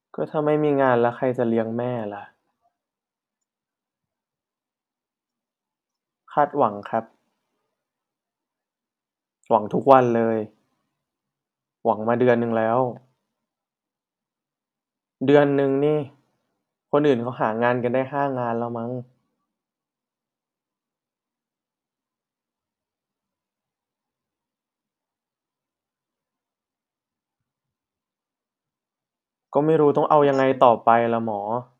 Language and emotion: Thai, frustrated